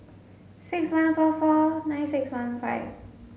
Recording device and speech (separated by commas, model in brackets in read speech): mobile phone (Samsung S8), read sentence